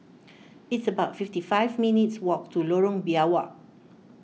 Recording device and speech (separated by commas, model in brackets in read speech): mobile phone (iPhone 6), read sentence